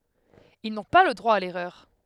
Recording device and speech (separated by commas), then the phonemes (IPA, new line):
headset microphone, read sentence
il nɔ̃ pa lə dʁwa a lɛʁœʁ